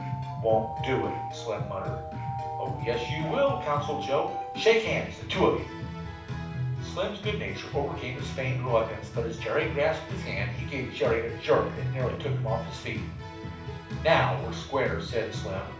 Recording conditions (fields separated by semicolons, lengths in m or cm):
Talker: one person; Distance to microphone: 5.8 m; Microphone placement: far; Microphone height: 1.8 m; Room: medium-sized (5.7 m by 4.0 m); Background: music